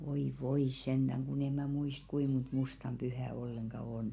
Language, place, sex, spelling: Finnish, Velkua, female, voi voi sentään kun en minä muista kuinka monta mustan pyhää ollenkaan on
- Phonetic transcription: voi "voi 'senᴅäŋ kun ‿e mä̀ 'muist "kui mont "mustam 'ʙyhä 'olleŋɢa 'on .

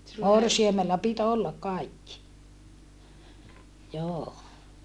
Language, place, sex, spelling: Finnish, Saarijärvi, female, morsiamella piti olla kaikki joo
- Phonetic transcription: morsiamella pit ‿ollakʼ kaikki joo .

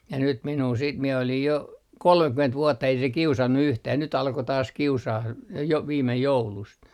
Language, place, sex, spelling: Finnish, Artjärvi, male, ja nyt minua sitten minä olin jo kolmekymmentä vuotta ei se kiusannut yhtään nyt alkoi taas kiusaamaan - jo viime joulusta
- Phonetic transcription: ja nyt 'minuu siit mie olij jo , "kolmekyment 'vuotta ei se "kiusannu 'yhtää nyt 'alko taas 'kiusaah j - jo 'viimej 'joulust .

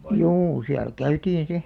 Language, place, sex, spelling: Finnish, Alastaro, female, juu siellä käytiin sitten
- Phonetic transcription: juu siäl "käytiin̬ 'si ,.

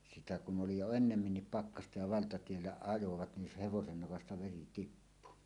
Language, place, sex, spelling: Finnish, Suomussalmi, male, sitä kun oli jo enemmänkin pakkasta ja valtatiellä ajoivat niin se hevosen nokasta veri tippui
- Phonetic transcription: sitä kun ’oli jo "ennemminnip "pakkasta ja 'valtatiellä 'ajovat nin se 'hevosen 'nokasta "veri "tippu .

